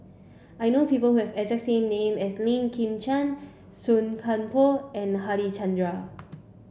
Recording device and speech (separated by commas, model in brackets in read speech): boundary microphone (BM630), read sentence